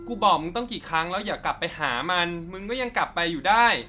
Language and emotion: Thai, frustrated